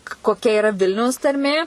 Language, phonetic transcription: Lithuanian, koˈkia iˈra ˈvilniaus tarˈmė

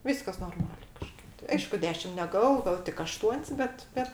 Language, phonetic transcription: Lithuanian, ˈvyskas norˈmalė kaˈžkaip tai ˈaišku ˈdešim neˈgavo ˈgavo tik aˈštuon's' ˈbet ˈbet

